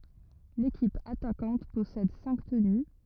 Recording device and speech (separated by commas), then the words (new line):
rigid in-ear microphone, read sentence
L'équipe attaquante possède cinq tenus.